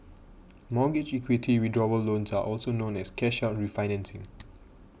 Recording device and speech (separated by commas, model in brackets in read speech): boundary microphone (BM630), read sentence